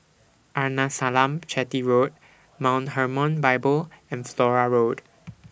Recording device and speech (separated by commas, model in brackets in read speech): boundary microphone (BM630), read sentence